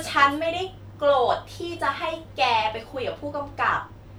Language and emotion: Thai, frustrated